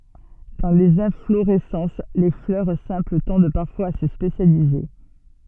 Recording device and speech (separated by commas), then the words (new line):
soft in-ear microphone, read sentence
Dans les inflorescences, les fleurs simples tendent parfois à se spécialiser.